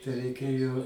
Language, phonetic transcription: Lithuanian, tai reiˈkėjo

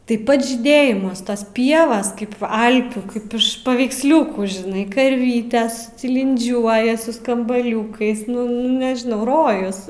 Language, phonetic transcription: Lithuanian, ˈtai ˈpats žyˈdėjimas tos ˈpievos kaip ˈalpių ˈkaip iš paveiksˈliukų žiˈnai karˈvytes tilinˈdžiuoja su skambaˈliūkais ˈnu ˈnu nežiˈnau ˈrojus

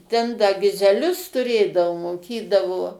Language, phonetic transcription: Lithuanian, ten da gizeˈlius tuˈrėdavo moˈkydavo

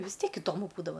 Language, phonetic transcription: Lithuanian, vis ˈtiek iˈdomu ˈbūdava

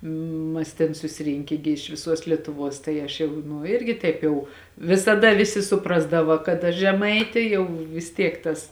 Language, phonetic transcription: Lithuanian, ˈmas tėn susiˈrinkė gi iš viˈsuos lietuˈvuos tai ˈaš jau nu ˈirgi ˈtaip jau visaˈda ˈvisi suˈprasdava kad aš žeˈmaitė ˈjau vis ˈtiek ˈtas

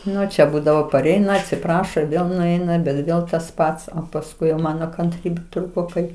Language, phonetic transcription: Lithuanian, ˈnu čia ˈbūdavo paˈreina atsiˈprašo ir ˈvėl nuˈeina bet ˈvėl tas ˈpats o pasˈkui jau ˈmano kanˈtrybė ˈtrūko ˈkai

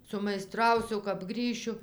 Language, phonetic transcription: Lithuanian, sumaiˈstrausiu kap ˈgrįšiu

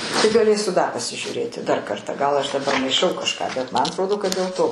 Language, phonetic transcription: Lithuanian, tai gaˈlėsiu da pasižiūˈrėti dar karˈtą gal aš daˈbar maiˈšau kažˈką bet ˈman atˈrodo kad dėl ˈto

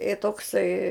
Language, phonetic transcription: Lithuanian, i tokˈsai

